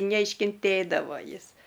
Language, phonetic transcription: Lithuanian, neiškinˈtėdavo ˈjis

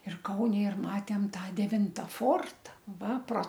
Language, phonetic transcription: Lithuanian, ir ˈkaune ir ˈmatėm ˈtą deˈvinta ˈforta ˈva pro

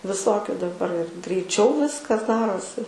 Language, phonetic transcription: Lithuanian, viˈsokiu daˈbar ir greiˈčiau ˈviskas ˈdarosi

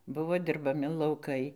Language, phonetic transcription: Lithuanian, ˈbuvo dirbaˈmi lauˈkai

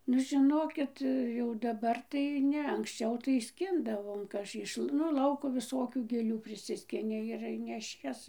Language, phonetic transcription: Lithuanian, nu žiˈnokit jau daˈbar tai ˈne anksˈčiau tai ˈskindavom ˈiš nu ˈlauko viˈsokių gėˈlių priˈsiskini ir neˈšies

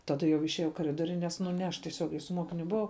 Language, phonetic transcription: Lithuanian, ˈtada jau išieˈjau i kaˈridoriu ˈnes nu ne ˈaš tieˈsiogiai su ˈmuokiniu buˈvau

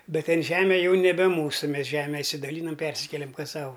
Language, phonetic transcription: Lithuanian, ˈbet ˈten ˈžeme ˈjau neˈbe ˈmūsu ˈmes ˈžeme išsidaˈlynam ˈpersikelem ˈkas ˈsau

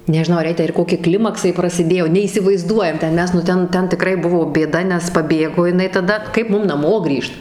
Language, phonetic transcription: Lithuanian, nežiˈnau ar ˈjai tę ir ˈkoki ˈklimaksai prasiˈdėjo neįsivaiˈzduojam ten ˈmes nu ˈten ˈten tiˈkrai ˈbuvo bėˈda nes paˈbėgo jiˈnai taˈda ˈkaip ˈmum naˈmo ˈgrįžt

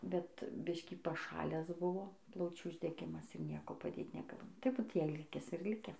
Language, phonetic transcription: Lithuanian, ˈbet ˈbiškį paˈšalęs ˈbuvo ˈplaučių uždeˈgimas ir ˈnieko paˈdėt neˈgal tai ˈbūt ˈjei ˈlikes ir ˈlikes

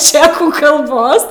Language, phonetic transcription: Lithuanian, ˈčekų kalˈbos

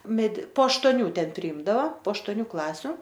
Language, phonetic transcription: Lithuanian, medi po aštoˈnių ˈten priˈimdava po aštoˈnių ˈklasiu

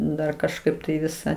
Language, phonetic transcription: Lithuanian, ˈdar kažˈkaip tai ˈvisą

